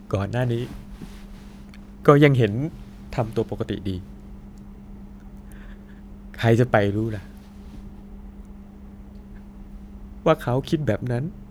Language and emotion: Thai, sad